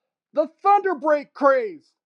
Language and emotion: English, disgusted